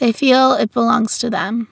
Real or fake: real